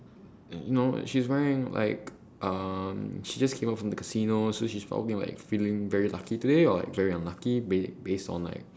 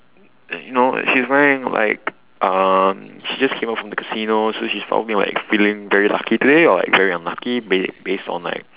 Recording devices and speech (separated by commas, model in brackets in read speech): standing microphone, telephone, conversation in separate rooms